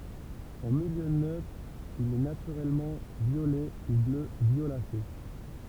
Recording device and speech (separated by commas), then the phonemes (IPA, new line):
temple vibration pickup, read sentence
ɑ̃ miljø nøtʁ il ɛ natyʁɛlmɑ̃ vjolɛ u blø vjolase